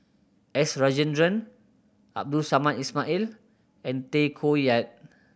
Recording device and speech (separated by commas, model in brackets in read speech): boundary microphone (BM630), read sentence